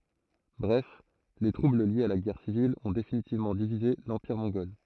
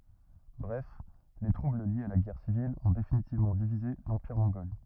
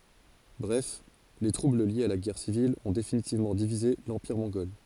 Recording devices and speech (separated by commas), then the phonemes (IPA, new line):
throat microphone, rigid in-ear microphone, forehead accelerometer, read sentence
bʁɛf le tʁubl ljez a la ɡɛʁ sivil ɔ̃ definitivmɑ̃ divize lɑ̃piʁ mɔ̃ɡɔl